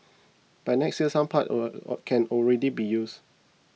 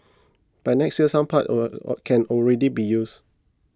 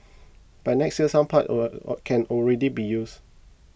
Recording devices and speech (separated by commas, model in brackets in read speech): mobile phone (iPhone 6), close-talking microphone (WH20), boundary microphone (BM630), read sentence